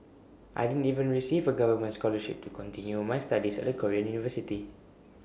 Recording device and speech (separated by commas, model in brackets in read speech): boundary microphone (BM630), read sentence